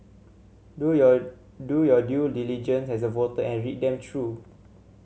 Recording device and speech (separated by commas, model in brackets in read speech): mobile phone (Samsung C7100), read sentence